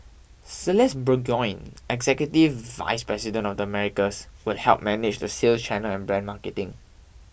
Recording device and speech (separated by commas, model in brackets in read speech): boundary microphone (BM630), read sentence